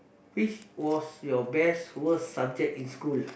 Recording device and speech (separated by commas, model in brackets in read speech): boundary microphone, conversation in the same room